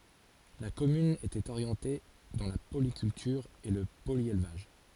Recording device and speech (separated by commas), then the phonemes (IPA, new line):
forehead accelerometer, read sentence
la kɔmyn etɛt oʁjɑ̃te dɑ̃ la polikyltyʁ e lə poljelvaʒ